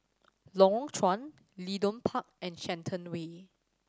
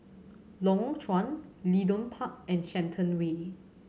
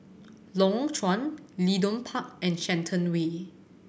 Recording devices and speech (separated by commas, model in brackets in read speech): standing microphone (AKG C214), mobile phone (Samsung C7100), boundary microphone (BM630), read sentence